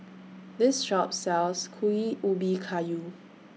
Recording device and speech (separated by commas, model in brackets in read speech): mobile phone (iPhone 6), read sentence